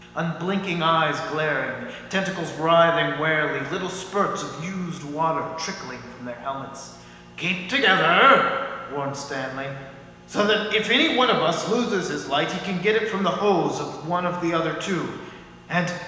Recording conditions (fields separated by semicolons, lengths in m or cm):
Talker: one person; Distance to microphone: 1.7 m; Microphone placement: close; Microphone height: 1.0 m; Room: very reverberant, large; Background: none